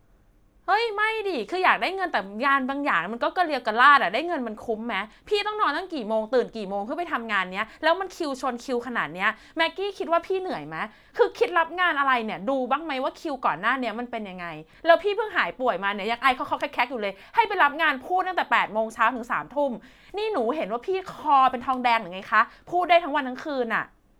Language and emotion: Thai, angry